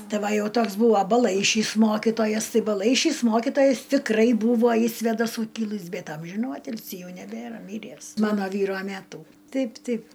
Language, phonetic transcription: Lithuanian, ˈti ˈva ˈjau ˈtoks ˈbūva baˈlaišys ˈmokitojas ˈtai baˈlaišys ˈmokitojas tikˈrai ˈbūvo iš svėdaˈsų ˈkilɨs ˈbet ˈamžinų ˈatilsį ˈjau neˈbėra ˈmyręs ˈmano ˈvyro ˈmetų ˈteip ˈteip

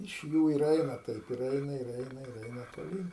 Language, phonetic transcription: Lithuanian, iš ˈjų ir ˈeina ˈtaip ir ˈeina ir ˈeina ir ˈeina toˈlyn

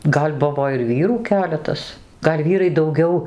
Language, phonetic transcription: Lithuanian, ˈgal' ˈbuvo ir ˈvyrų ˈkeletas ˈgal' ˈvyrai dauˈgiau

